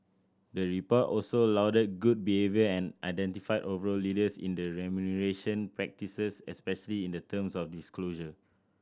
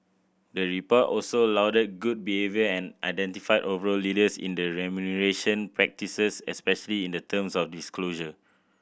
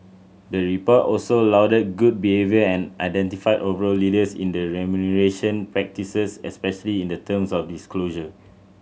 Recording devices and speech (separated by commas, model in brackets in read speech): standing microphone (AKG C214), boundary microphone (BM630), mobile phone (Samsung C7100), read sentence